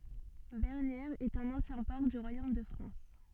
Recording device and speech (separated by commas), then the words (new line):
soft in-ear microphone, read sentence
Bernières est un ancien port du royaume de France.